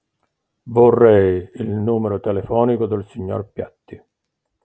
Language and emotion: Italian, neutral